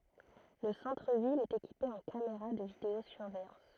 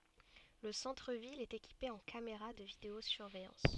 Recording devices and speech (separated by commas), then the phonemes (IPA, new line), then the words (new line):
throat microphone, soft in-ear microphone, read sentence
lə sɑ̃tʁ vil ɛt ekipe ɑ̃ kameʁa də video syʁvɛjɑ̃s
Le centre-ville est équipé en caméras de vidéo-surveillance.